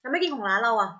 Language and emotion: Thai, frustrated